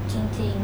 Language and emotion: Thai, sad